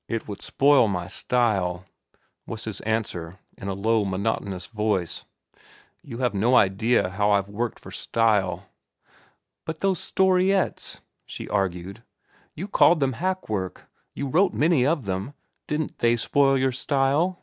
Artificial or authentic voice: authentic